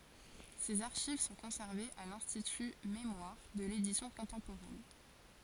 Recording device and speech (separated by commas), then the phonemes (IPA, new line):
forehead accelerometer, read sentence
sez aʁʃiv sɔ̃ kɔ̃sɛʁvez a lɛ̃stity memwaʁ də ledisjɔ̃ kɔ̃tɑ̃poʁɛn